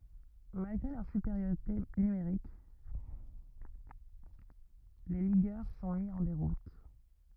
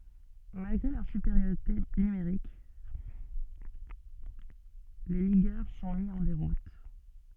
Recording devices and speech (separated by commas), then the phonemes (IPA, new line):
rigid in-ear microphone, soft in-ear microphone, read sentence
malɡʁe lœʁ sypeʁjoʁite nymeʁik le liɡœʁ sɔ̃ mi ɑ̃ deʁut